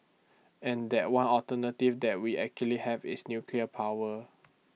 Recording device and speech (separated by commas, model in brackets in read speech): mobile phone (iPhone 6), read sentence